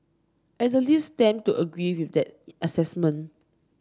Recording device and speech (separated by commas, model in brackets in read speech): standing microphone (AKG C214), read sentence